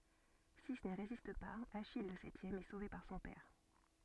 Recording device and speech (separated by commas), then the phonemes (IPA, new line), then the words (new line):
soft in-ear microphone, read sentence
si ni ʁezist paz aʃij lə sɛtjɛm ɛ sove paʁ sɔ̃ pɛʁ
Six n'y résistent pas, Achille, le septième, est sauvé par son père.